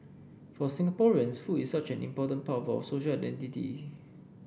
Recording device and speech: boundary microphone (BM630), read sentence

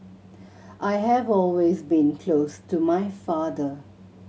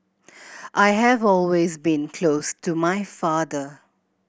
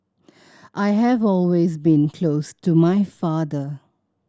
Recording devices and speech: mobile phone (Samsung C7100), boundary microphone (BM630), standing microphone (AKG C214), read sentence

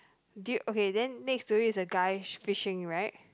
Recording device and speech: close-talking microphone, conversation in the same room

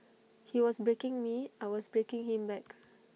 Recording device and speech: mobile phone (iPhone 6), read sentence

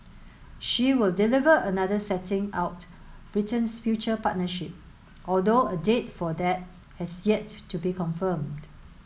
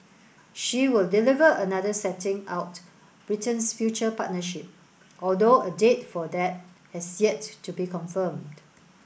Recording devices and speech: mobile phone (Samsung S8), boundary microphone (BM630), read sentence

